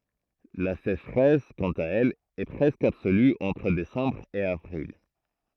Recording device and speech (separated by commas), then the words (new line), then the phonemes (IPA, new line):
throat microphone, read sentence
La sécheresse, quant à elle, est presque absolue entre décembre et avril.
la seʃʁɛs kɑ̃t a ɛl ɛ pʁɛskə absoly ɑ̃tʁ desɑ̃bʁ e avʁil